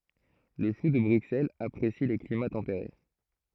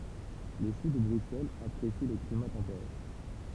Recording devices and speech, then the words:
throat microphone, temple vibration pickup, read sentence
Le chou de Bruxelles apprécie les climats tempérés.

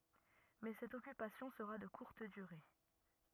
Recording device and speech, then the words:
rigid in-ear microphone, read sentence
Mais cette occupation sera de courte durée.

